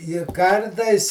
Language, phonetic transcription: Lithuanian, i ˈkartais

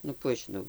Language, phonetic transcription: Lithuanian, nu ˈkų aš žiˈnau

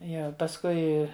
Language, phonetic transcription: Lithuanian, ˈjie pasˈkui

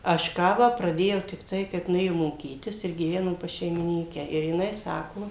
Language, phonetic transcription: Lithuanian, aš ˈkavą praˈdėjau tikˈtai kaip nuˈėjom moˈkytis ir gyˈvenom pas šeimiˈnykę ir jiˈnai ˈsako

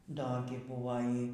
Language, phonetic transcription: Lithuanian, ˈdo gi ˈbuvo ˈy

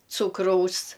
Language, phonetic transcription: Lithuanian, ˈcūkraus

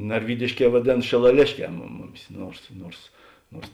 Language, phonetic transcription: Lithuanian, narˈvydišˌkē vaˈdėn šilaˈlėšˌkē mum ˈmuˌmis ˈnuors ˈnuors ˈnuors

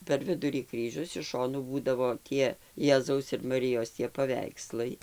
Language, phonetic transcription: Lithuanian, per ˈvidurį ˈkryžius iš ˈšonų ˈbūdavo ˈtie ˈjezaus ir maˈrijos tie paˈveikslai

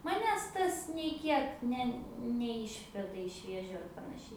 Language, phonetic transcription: Lithuanian, maˈnęs ˈtas nei ˈkiek ˈne neˈišveda iš ˈvėžiu ar panaˈšiai

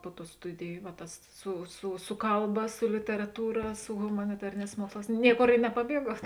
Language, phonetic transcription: Lithuanian, ˈpu ˌtų ˈstudiju va ˈtas su su ˈsu kalˌba su literaˈtūra su humaniˈtarėˌnēs ˈmuoksˌlās ˈnieˌkor i nepaˈbieguot

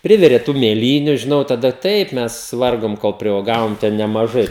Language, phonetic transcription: Lithuanian, ˈprivirė tų mėˈlyniu žiˈnau taˈda ˈtaip ˈmes ˈvargom kol priuoˈgavom ten nemaˈžai

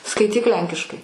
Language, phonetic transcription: Lithuanian, skaiˈtyk ˈlenkiškai

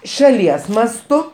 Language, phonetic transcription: Lithuanian, šaˈlies masˈtu

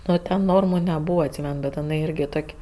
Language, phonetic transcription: Lithuanian, ˈnu ten ˈnormu neˈbūva atˈsymen bet iˈnai ˈirgi ˈtok'

